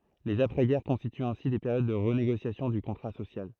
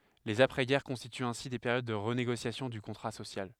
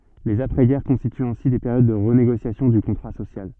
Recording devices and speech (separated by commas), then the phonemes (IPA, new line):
throat microphone, headset microphone, soft in-ear microphone, read sentence
lez apʁɛzɡɛʁ kɔ̃stityt ɛ̃si de peʁjod də ʁəneɡosjasjɔ̃ dy kɔ̃tʁa sosjal